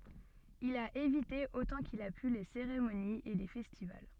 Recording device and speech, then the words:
soft in-ear microphone, read sentence
Il a évité autant qu'il a pu les cérémonies et les festivals.

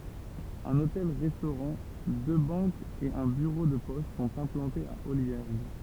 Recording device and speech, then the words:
temple vibration pickup, read sentence
Un hôtel-restaurant, deux banques et un bureau de poste sont implantés à Olliergues.

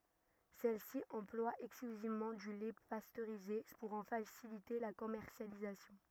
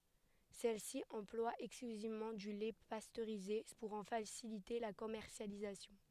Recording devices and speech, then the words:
rigid in-ear microphone, headset microphone, read sentence
Celle-ci emploie exclusivement du lait pasteurisé pour en faciliter la commercialisation.

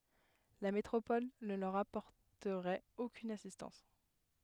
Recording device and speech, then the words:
headset microphone, read sentence
La métropole ne leur apporterait aucune assistance.

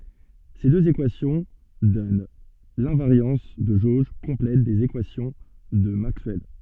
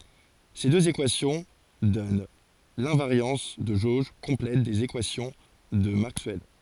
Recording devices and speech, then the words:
soft in-ear microphone, forehead accelerometer, read sentence
Ces deux équations donnent l'invariance de jauge complète des équations de Maxwell.

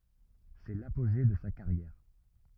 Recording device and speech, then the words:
rigid in-ear microphone, read sentence
C’est l’apogée de sa carrière.

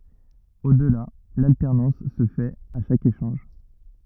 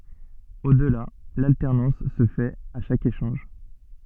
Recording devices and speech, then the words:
rigid in-ear microphone, soft in-ear microphone, read sentence
Au-delà, l'alternance se fait à chaque échange.

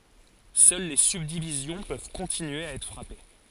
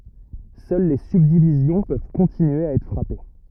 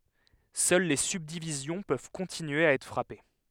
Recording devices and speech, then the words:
forehead accelerometer, rigid in-ear microphone, headset microphone, read sentence
Seules les subdivisions peuvent continuer à être frappées.

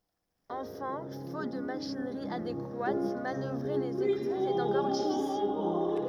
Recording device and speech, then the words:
rigid in-ear microphone, read sentence
Enfin, faute de machinerie adéquate, manœuvrer les écluses est encore difficile.

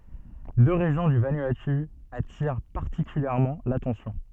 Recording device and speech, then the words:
soft in-ear microphone, read sentence
Deux régions du Vanuatu attirent particulièrement l’attention.

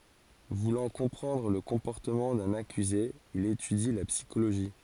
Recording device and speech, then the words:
forehead accelerometer, read sentence
Voulant comprendre le comportement d'un accusé, il étudie la psychologie.

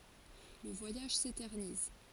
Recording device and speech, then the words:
forehead accelerometer, read sentence
Le voyage s'éternise.

